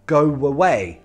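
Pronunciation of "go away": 'Go away' is said as one joined phrase, with a w sound between 'go' and 'away' linking the two words.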